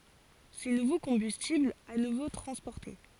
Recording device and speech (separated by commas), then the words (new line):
forehead accelerometer, read sentence
Ces nouveaux combustibles à nouveau transportés.